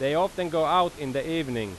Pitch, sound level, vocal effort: 160 Hz, 94 dB SPL, very loud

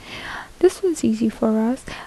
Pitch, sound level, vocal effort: 240 Hz, 72 dB SPL, soft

